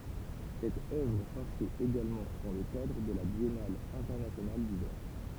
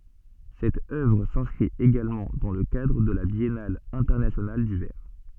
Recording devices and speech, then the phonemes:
temple vibration pickup, soft in-ear microphone, read sentence
sɛt œvʁ sɛ̃skʁit eɡalmɑ̃ dɑ̃ lə kadʁ də la bjɛnal ɛ̃tɛʁnasjonal dy vɛʁ

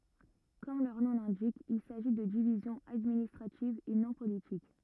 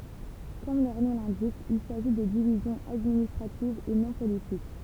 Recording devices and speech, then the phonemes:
rigid in-ear microphone, temple vibration pickup, read sentence
kɔm lœʁ nɔ̃ lɛ̃dik il saʒi də divizjɔ̃z administʁativz e nɔ̃ politik

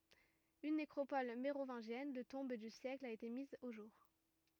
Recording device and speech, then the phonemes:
rigid in-ear microphone, read sentence
yn nekʁopɔl meʁovɛ̃ʒjɛn də tɔ̃b dy sjɛkl a ete miz o ʒuʁ

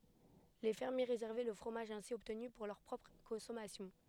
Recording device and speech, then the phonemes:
headset microphone, read sentence
le fɛʁmje ʁezɛʁvɛ lə fʁomaʒ ɛ̃si ɔbtny puʁ lœʁ pʁɔpʁ kɔ̃sɔmasjɔ̃

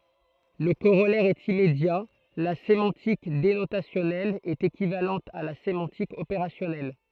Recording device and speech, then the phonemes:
throat microphone, read sentence
lə koʁɔlɛʁ ɛt immedja la semɑ̃tik denotasjɔnɛl ɛt ekivalɑ̃t a la semɑ̃tik opeʁasjɔnɛl

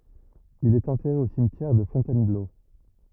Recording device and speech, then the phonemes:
rigid in-ear microphone, read sentence
il ɛt ɑ̃tɛʁe o simtjɛʁ də fɔ̃tɛnblo

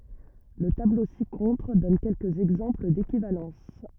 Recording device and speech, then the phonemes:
rigid in-ear microphone, read sentence
lə tablo si kɔ̃tʁ dɔn kɛlkəz ɛɡzɑ̃pl dekivalɑ̃s

